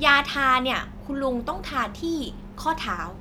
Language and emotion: Thai, neutral